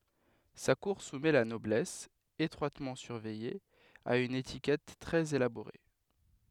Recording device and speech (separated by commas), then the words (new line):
headset microphone, read sentence
Sa cour soumet la noblesse, étroitement surveillée, à une étiquette très élaborée.